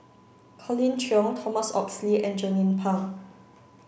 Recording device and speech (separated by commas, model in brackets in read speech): boundary microphone (BM630), read sentence